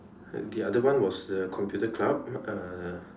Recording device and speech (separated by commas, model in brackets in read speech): standing microphone, conversation in separate rooms